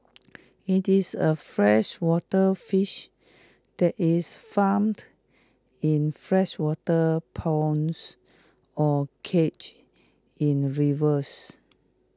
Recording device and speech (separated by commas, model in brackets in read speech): close-talking microphone (WH20), read sentence